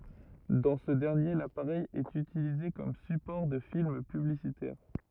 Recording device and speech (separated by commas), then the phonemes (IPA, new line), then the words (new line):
rigid in-ear microphone, read sentence
dɑ̃ sə dɛʁnje lapaʁɛj ɛt ytilize kɔm sypɔʁ də film pyblisitɛʁ
Dans ce dernier, l'appareil est utilisé comme support de films publicitaires.